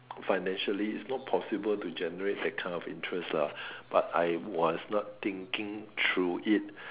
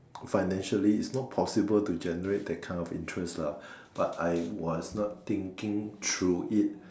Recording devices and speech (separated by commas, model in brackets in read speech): telephone, standing microphone, conversation in separate rooms